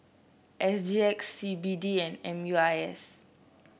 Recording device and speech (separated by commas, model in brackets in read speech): boundary microphone (BM630), read sentence